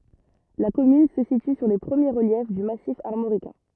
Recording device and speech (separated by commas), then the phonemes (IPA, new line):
rigid in-ear microphone, read sentence
la kɔmyn sə sity syʁ le pʁəmje ʁəljɛf dy masif aʁmoʁikɛ̃